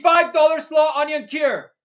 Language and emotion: English, happy